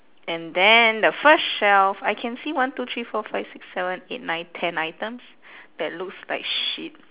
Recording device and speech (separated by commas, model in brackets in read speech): telephone, conversation in separate rooms